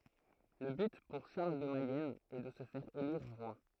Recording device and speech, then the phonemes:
throat microphone, read sentence
lə byt puʁ ʃaʁl də mɛjɛn ɛ də sə fɛʁ eliʁ ʁwa

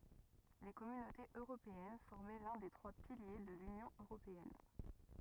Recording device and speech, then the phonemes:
rigid in-ear microphone, read sentence
le kɔmynotez øʁopeɛn fɔʁmɛ lœ̃ de tʁwa pilje də lynjɔ̃ øʁopeɛn

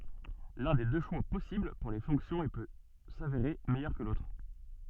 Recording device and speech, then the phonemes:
soft in-ear microphone, read sentence
lœ̃ de dø ʃwa pɔsibl puʁ le fɔ̃ksjɔ̃z e pø saveʁe mɛjœʁ kə lotʁ

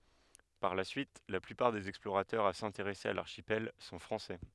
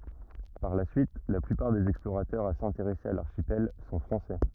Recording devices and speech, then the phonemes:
headset microphone, rigid in-ear microphone, read sentence
paʁ la syit la plypaʁ dez ɛksploʁatœʁz a sɛ̃teʁɛse a laʁʃipɛl sɔ̃ fʁɑ̃sɛ

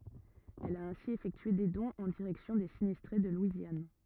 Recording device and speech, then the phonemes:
rigid in-ear microphone, read sentence
ɛl a ɛ̃si efɛktye de dɔ̃z ɑ̃ diʁɛksjɔ̃ de sinistʁe də lwizjan

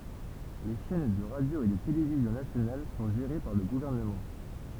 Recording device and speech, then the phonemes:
temple vibration pickup, read sentence
le ʃɛn də ʁadjo e də televizjɔ̃ nasjonal sɔ̃ ʒeʁe paʁ lə ɡuvɛʁnəmɑ̃

